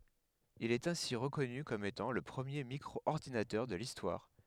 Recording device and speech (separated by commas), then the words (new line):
headset microphone, read sentence
Il est ainsi reconnu comme étant le premier micro-ordinateur de l'histoire.